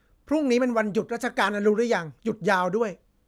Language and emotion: Thai, frustrated